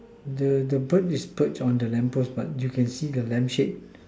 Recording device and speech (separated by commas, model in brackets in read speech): standing microphone, conversation in separate rooms